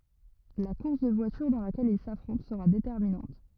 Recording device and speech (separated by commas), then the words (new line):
rigid in-ear microphone, read sentence
La course de voitures dans laquelle ils s'affrontent sera déterminante.